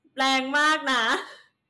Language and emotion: Thai, happy